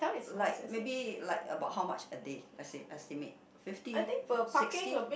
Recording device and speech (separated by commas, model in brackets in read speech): boundary microphone, conversation in the same room